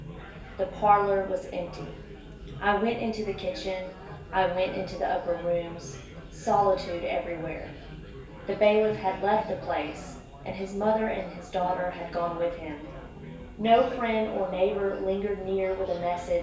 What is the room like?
A big room.